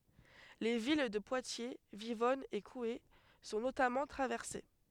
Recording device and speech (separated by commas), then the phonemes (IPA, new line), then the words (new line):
headset microphone, read sentence
le vil də pwatje vivɔn e kue sɔ̃ notamɑ̃ tʁavɛʁse
Les villes de Poitiers, Vivonne et Couhé sont notamment traversées.